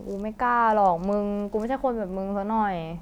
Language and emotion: Thai, frustrated